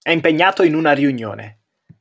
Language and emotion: Italian, neutral